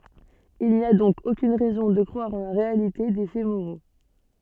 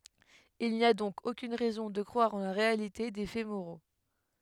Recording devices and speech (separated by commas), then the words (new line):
soft in-ear microphone, headset microphone, read sentence
Il n'y a donc aucune raison de croire en la réalité des faits moraux.